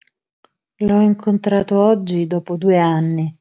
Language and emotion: Italian, sad